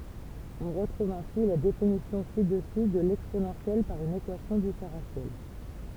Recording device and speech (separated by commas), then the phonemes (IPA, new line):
temple vibration pickup, read sentence
ɔ̃ ʁətʁuv ɛ̃si la definisjɔ̃ si dəsy də lɛksponɑ̃sjɛl paʁ yn ekwasjɔ̃ difeʁɑ̃sjɛl